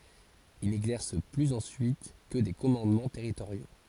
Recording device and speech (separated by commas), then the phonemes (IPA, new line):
forehead accelerometer, read sentence
il nɛɡzɛʁs plyz ɑ̃syit kə de kɔmɑ̃dmɑ̃ tɛʁitoʁjo